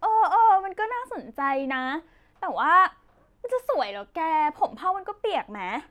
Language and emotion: Thai, happy